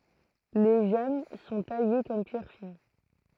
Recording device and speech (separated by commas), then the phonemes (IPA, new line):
throat microphone, read sentence
le ʒɛm sɔ̃ taje kɔm pjɛʁ fin